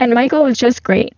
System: VC, spectral filtering